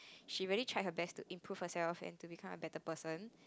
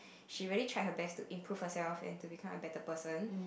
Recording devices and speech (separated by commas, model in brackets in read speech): close-talking microphone, boundary microphone, conversation in the same room